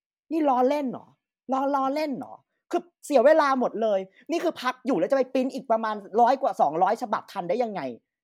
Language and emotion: Thai, frustrated